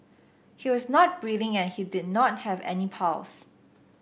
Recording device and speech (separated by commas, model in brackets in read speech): boundary microphone (BM630), read sentence